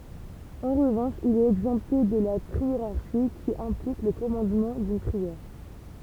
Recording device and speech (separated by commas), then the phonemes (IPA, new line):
temple vibration pickup, read sentence
ɑ̃ ʁəvɑ̃ʃ il ɛt ɛɡzɑ̃pte də la tʁieʁaʁʃi ki ɛ̃plik lə kɔmɑ̃dmɑ̃ dyn tʁiɛʁ